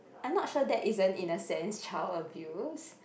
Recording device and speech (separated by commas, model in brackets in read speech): boundary microphone, conversation in the same room